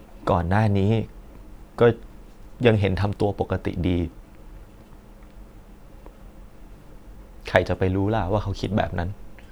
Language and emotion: Thai, sad